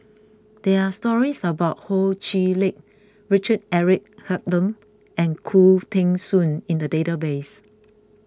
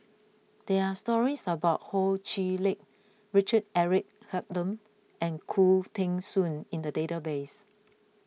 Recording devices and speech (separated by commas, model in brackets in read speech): close-talking microphone (WH20), mobile phone (iPhone 6), read sentence